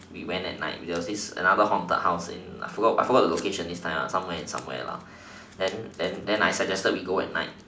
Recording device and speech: standing microphone, conversation in separate rooms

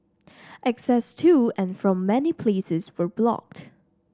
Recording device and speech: standing microphone (AKG C214), read sentence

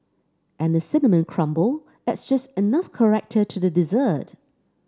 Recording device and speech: standing microphone (AKG C214), read sentence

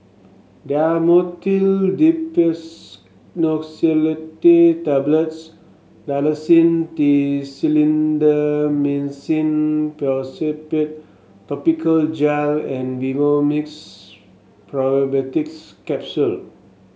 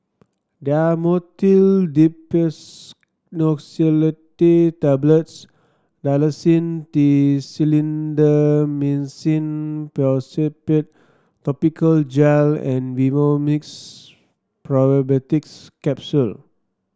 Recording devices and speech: mobile phone (Samsung S8), standing microphone (AKG C214), read sentence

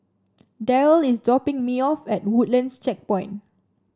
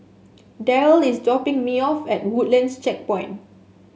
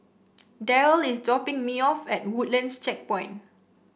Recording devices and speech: standing microphone (AKG C214), mobile phone (Samsung S8), boundary microphone (BM630), read sentence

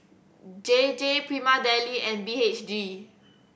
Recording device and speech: boundary microphone (BM630), read sentence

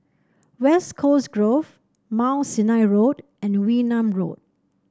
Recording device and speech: standing microphone (AKG C214), read sentence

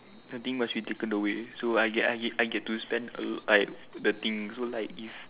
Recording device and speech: telephone, conversation in separate rooms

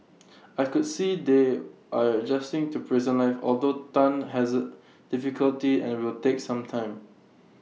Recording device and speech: mobile phone (iPhone 6), read sentence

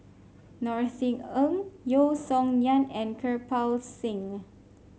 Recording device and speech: mobile phone (Samsung C5), read sentence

